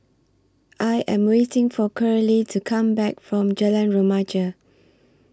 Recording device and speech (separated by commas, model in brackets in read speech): standing microphone (AKG C214), read sentence